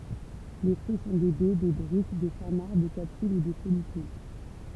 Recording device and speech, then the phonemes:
temple vibration pickup, read sentence
le fʁyi sɔ̃ de bɛ de dʁyp de samaʁ de kapsyl u de fɔlikyl

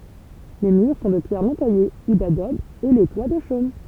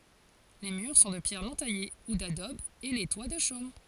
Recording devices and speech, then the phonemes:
temple vibration pickup, forehead accelerometer, read sentence
le myʁ sɔ̃ də pjɛʁ nɔ̃ taje u dadɔb e le twa də ʃom

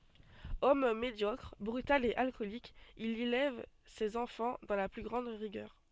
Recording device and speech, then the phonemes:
soft in-ear microphone, read sentence
ɔm medjɔkʁ bʁytal e alkɔlik il elɛv sez ɑ̃fɑ̃ dɑ̃ la ply ɡʁɑ̃d ʁiɡœʁ

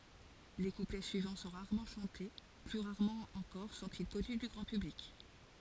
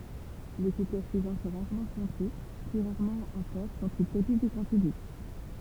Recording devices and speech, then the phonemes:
forehead accelerometer, temple vibration pickup, read sentence
le kuplɛ syivɑ̃ sɔ̃ ʁaʁmɑ̃ ʃɑ̃te ply ʁaʁmɑ̃ ɑ̃kɔʁ sɔ̃ti kɔny dy ɡʁɑ̃ pyblik

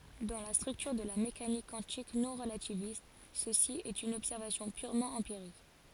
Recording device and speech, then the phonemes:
forehead accelerometer, read sentence
dɑ̃ la stʁyktyʁ də la mekanik kwɑ̃tik nɔ̃ʁlativist səsi ɛt yn ɔbsɛʁvasjɔ̃ pyʁmɑ̃ ɑ̃piʁik

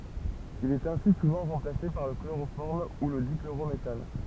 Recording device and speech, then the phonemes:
temple vibration pickup, read sentence
il ɛt ɛ̃si suvɑ̃ ʁɑ̃plase paʁ lə kloʁofɔʁm u lə dikloʁometan

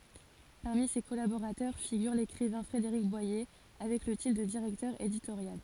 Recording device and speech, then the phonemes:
forehead accelerometer, read sentence
paʁmi se kɔlaboʁatœʁ fiɡyʁ lekʁivɛ̃ fʁedeʁik bwaje avɛk lə titʁ də diʁɛktœʁ editoʁjal

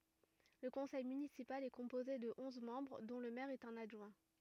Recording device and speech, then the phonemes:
rigid in-ear microphone, read sentence
lə kɔ̃sɛj mynisipal ɛ kɔ̃poze də ɔ̃z mɑ̃bʁ dɔ̃ lə mɛʁ e œ̃n adʒwɛ̃

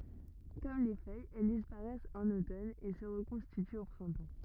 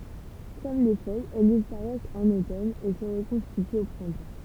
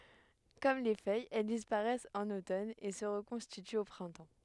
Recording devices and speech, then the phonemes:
rigid in-ear microphone, temple vibration pickup, headset microphone, read sentence
kɔm le fœjz ɛl dispaʁɛst ɑ̃n otɔn e sə ʁəkɔ̃stityt o pʁɛ̃tɑ̃

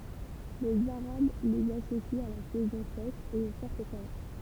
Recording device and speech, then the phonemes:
temple vibration pickup, read sentence
lez aʁab lez asosit a la sɛzɔ̃ sɛʃ e o fɔʁt ʃalœʁ

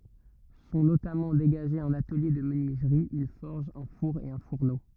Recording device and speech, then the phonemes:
rigid in-ear microphone, read sentence
sɔ̃ notamɑ̃ deɡaʒez œ̃n atəlje də mənyizʁi yn fɔʁʒ œ̃ fuʁ e œ̃ fuʁno

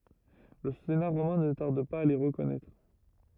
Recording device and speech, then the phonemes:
rigid in-ear microphone, read sentence
lə sena ʁomɛ̃ nə taʁd paz a le ʁəkɔnɛtʁ

